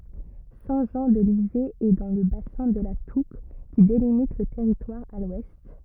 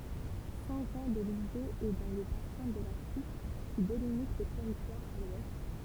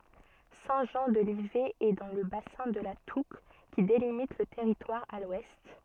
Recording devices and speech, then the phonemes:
rigid in-ear microphone, temple vibration pickup, soft in-ear microphone, read sentence
sɛ̃ ʒɑ̃ də livɛ ɛ dɑ̃ lə basɛ̃ də la tuk ki delimit lə tɛʁitwaʁ a lwɛst

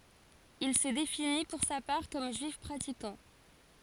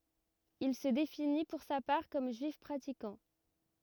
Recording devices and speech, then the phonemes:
forehead accelerometer, rigid in-ear microphone, read sentence
il sə defini puʁ sa paʁ kɔm ʒyif pʁatikɑ̃

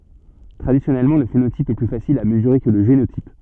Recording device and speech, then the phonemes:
soft in-ear microphone, read sentence
tʁadisjɔnɛlmɑ̃ lə fenotip ɛ ply fasil a məzyʁe kə lə ʒenotip

